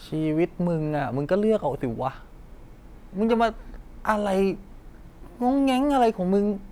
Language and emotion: Thai, frustrated